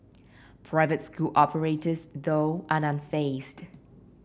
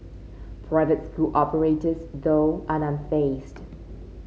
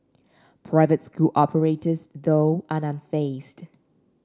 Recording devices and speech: boundary microphone (BM630), mobile phone (Samsung C5), standing microphone (AKG C214), read sentence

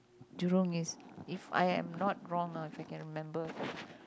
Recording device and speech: close-talking microphone, conversation in the same room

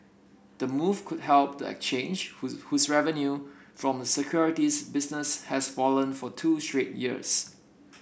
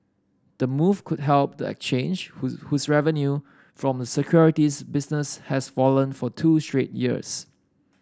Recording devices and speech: boundary microphone (BM630), standing microphone (AKG C214), read sentence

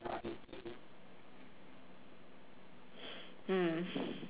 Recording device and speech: telephone, conversation in separate rooms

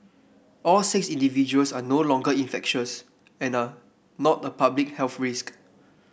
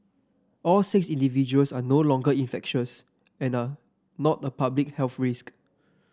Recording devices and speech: boundary microphone (BM630), standing microphone (AKG C214), read sentence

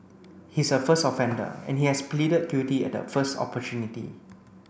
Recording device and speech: boundary microphone (BM630), read sentence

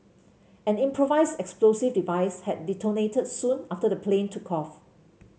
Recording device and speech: mobile phone (Samsung C7), read sentence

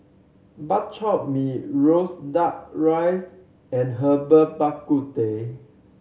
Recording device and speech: mobile phone (Samsung C7100), read sentence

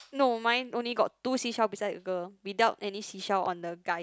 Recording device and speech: close-talking microphone, conversation in the same room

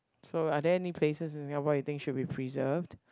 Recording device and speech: close-talking microphone, conversation in the same room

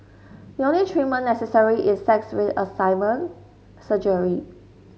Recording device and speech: mobile phone (Samsung S8), read sentence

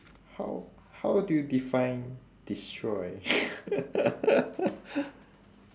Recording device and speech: standing microphone, conversation in separate rooms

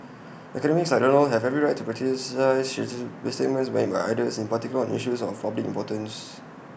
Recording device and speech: boundary microphone (BM630), read sentence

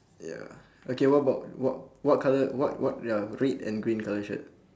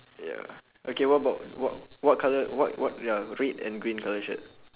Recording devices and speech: standing microphone, telephone, conversation in separate rooms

